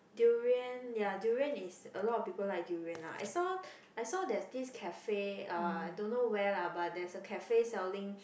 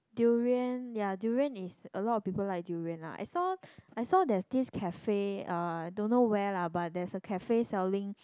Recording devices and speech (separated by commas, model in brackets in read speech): boundary microphone, close-talking microphone, conversation in the same room